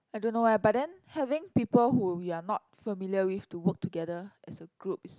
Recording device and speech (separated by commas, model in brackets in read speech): close-talking microphone, conversation in the same room